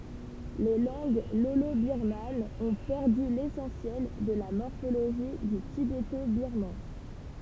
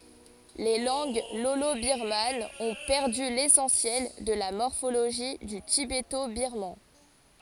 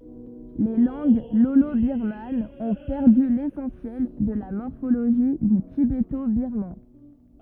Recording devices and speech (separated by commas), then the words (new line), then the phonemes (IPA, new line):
temple vibration pickup, forehead accelerometer, rigid in-ear microphone, read sentence
Les langues lolo-birmanes ont perdu l'essentiel de la morphologie du tibéto-birman.
le lɑ̃ɡ lolobiʁmanz ɔ̃ pɛʁdy lesɑ̃sjɛl də la mɔʁfoloʒi dy tibetobiʁman